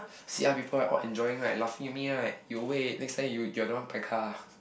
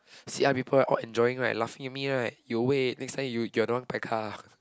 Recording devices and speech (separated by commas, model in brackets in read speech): boundary microphone, close-talking microphone, conversation in the same room